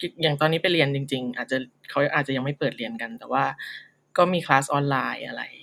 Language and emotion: Thai, neutral